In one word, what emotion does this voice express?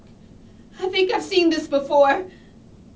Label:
fearful